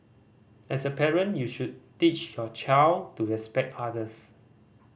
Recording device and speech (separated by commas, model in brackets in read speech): boundary microphone (BM630), read sentence